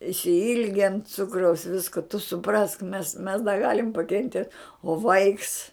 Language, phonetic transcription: Lithuanian, išsiˈilgen ˈcukraus ˈvisku tu suˈprask mes mes da ˈgalim pakenˈtiet o ˈvaiks

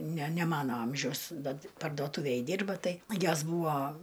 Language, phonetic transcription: Lithuanian, ne ne ˈmano ˈamžiaus da pardoˈtūvėj ˈdirba ˈtai ˈjos ˈbūvo

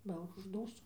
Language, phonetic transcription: Lithuanian, ˈba užˈdūstu

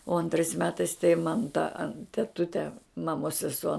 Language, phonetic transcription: Lithuanian, o anˈtrais ˈmetais tai man ta teˈtute maˈmos seˈsuo

